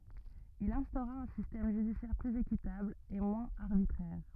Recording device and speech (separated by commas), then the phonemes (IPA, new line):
rigid in-ear microphone, read sentence
il ɛ̃stoʁa œ̃ sistɛm ʒydisjɛʁ plyz ekitabl e mwɛ̃z aʁbitʁɛʁ